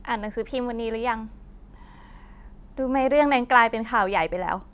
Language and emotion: Thai, frustrated